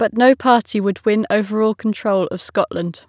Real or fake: real